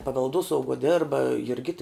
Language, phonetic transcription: Lithuanian, pavelˈduosauguo ˈderba jurˈgita

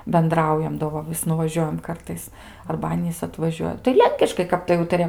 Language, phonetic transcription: Lithuanian, benˈdraujam do ˈva vis nuvaˈžiuojam ˈkartais arba ˈanys atvaˈžiuoja tai ˈlenkiškai ˈkap tai ˈūtarijam

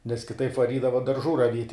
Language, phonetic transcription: Lithuanian, nes kiˈtaip vaˈrydava darˈžų raˈviet'

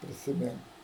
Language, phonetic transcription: Lithuanian, prisiˈmink

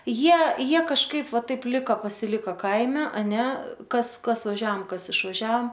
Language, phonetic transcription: Lithuanian, ˈjie ˈjie kažˈkaip ˈva ˈtaip ˈliko pasiˈliko ˈkaime aˈne ˈkas ˈkas vaˈžiaom ˈkas išvaˈžiaom

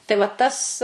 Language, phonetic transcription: Lithuanian, tai va ˈtas

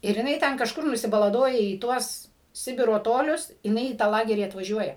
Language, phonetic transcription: Lithuanian, ir jiˈnai ˈten kažˈkur nusibalaˈdoja į ˈtuos ˈsibiro ˈtolius jiˈnai į tą ˈlagerį atvaˈžiuoja

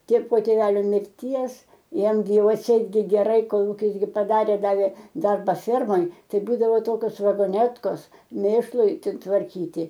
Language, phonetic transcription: Lithuanian, tė po tėˈvelio mirˈties ˈjam gi ˈjau atˈseit gi ˈgerai ˈkol ˈjis gi paˈdarė ˈdavė ˈdarba ˈfermoj ˈtai ˈbūdavo ˈtokios vagoˈnetkos ˈmėšlui tvarˈkyti

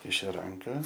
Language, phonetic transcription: Lithuanian, ˈkišiu ˈranka

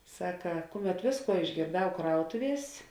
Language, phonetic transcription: Lithuanian, ˈsaka ˈkuˌmet ˈvėsˌkuo išgėrˈdau ˈkrautuˌvies

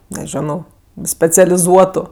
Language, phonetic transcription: Lithuanian, neˈženau specialiˈzuotu

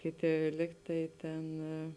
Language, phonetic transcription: Lithuanian, ˈkėˌtė ˈlyg tai ˈtėn

